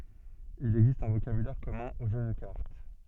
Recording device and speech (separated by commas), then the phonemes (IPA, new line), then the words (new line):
soft in-ear microphone, read sentence
il ɛɡzist œ̃ vokabylɛʁ kɔmœ̃ o ʒø də kaʁt
Il existe un vocabulaire commun aux jeux de cartes.